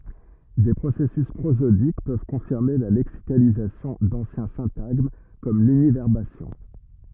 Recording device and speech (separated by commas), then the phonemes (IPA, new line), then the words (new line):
rigid in-ear microphone, read sentence
de pʁosɛsys pʁozodik pøv kɔ̃fiʁme la lɛksikalizasjɔ̃ dɑ̃sjɛ̃ sɛ̃taɡm kɔm lynivɛʁbasjɔ̃
Des processus prosodiques peuvent confirmer la lexicalisation d'anciens syntagmes, comme l'univerbation.